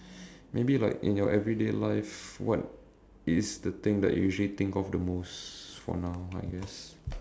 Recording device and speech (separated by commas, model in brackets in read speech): standing microphone, conversation in separate rooms